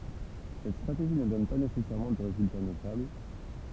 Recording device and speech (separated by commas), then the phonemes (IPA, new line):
temple vibration pickup, read sentence
sɛt stʁateʒi nə dɔn pa nesɛsɛʁmɑ̃ də ʁezylta notabl